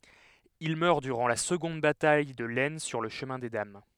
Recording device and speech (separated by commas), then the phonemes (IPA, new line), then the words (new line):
headset microphone, read sentence
il mœʁ dyʁɑ̃ la səɡɔ̃d bataj də lɛsn syʁ lə ʃəmɛ̃ de dam
Il meurt durant la seconde bataille de l'Aisne sur le Chemin des Dames.